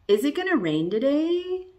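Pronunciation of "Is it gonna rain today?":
The voice rises at the end of 'Is it gonna rain today?', and the rise is exaggerated.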